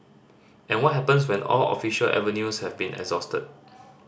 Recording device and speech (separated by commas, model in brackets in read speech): standing microphone (AKG C214), read sentence